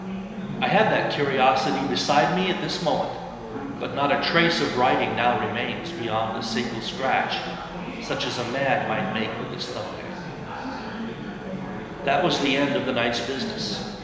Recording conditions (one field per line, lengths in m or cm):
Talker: one person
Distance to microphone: 1.7 m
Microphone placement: close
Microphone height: 1.0 m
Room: very reverberant, large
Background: babble